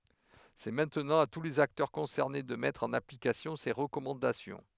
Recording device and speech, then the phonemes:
headset microphone, read sentence
sɛ mɛ̃tnɑ̃ a tu lez aktœʁ kɔ̃sɛʁne də mɛtʁ ɑ̃n aplikasjɔ̃ se ʁəkɔmɑ̃dasjɔ̃

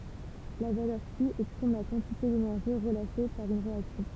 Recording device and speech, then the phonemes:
temple vibration pickup, read sentence
la valœʁ ky ɛkspʁim la kɑ̃tite denɛʁʒi ʁəlaʃe paʁ yn ʁeaksjɔ̃

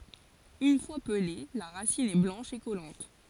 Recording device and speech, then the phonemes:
forehead accelerometer, read sentence
yn fwa pəle la ʁasin ɛ blɑ̃ʃ e kɔlɑ̃t

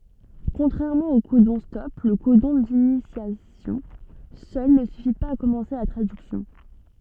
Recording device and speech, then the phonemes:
soft in-ear microphone, read sentence
kɔ̃tʁɛʁmɑ̃ o kodɔ̃stɔp lə kodɔ̃ dinisjasjɔ̃ sœl nə syfi paz a kɔmɑ̃se la tʁadyksjɔ̃

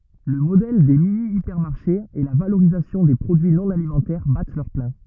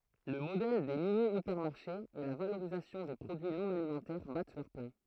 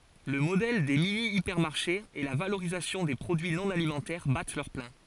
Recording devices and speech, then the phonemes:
rigid in-ear microphone, throat microphone, forehead accelerometer, read sentence
lə modɛl de minjipɛʁmaʁʃez e la valoʁizasjɔ̃ de pʁodyi nɔ̃ alimɑ̃tɛʁ bat lœʁ plɛ̃

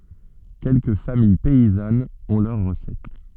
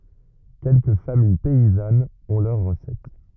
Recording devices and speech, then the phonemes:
soft in-ear microphone, rigid in-ear microphone, read sentence
kɛlkə famij pɛizanz ɔ̃ lœʁ ʁəsɛt

